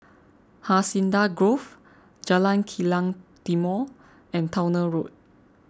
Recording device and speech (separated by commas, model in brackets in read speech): close-talking microphone (WH20), read sentence